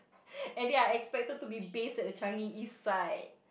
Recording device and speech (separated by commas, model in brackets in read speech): boundary microphone, conversation in the same room